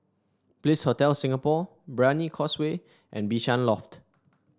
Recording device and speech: standing microphone (AKG C214), read sentence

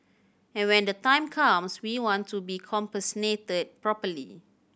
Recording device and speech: boundary microphone (BM630), read sentence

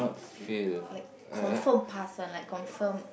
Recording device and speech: boundary microphone, conversation in the same room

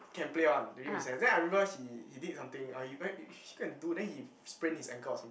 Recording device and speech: boundary microphone, conversation in the same room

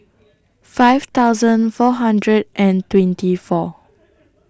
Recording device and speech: standing microphone (AKG C214), read sentence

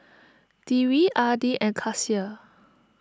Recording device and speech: standing microphone (AKG C214), read sentence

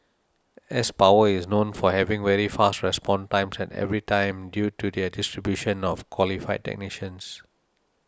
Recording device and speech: standing microphone (AKG C214), read sentence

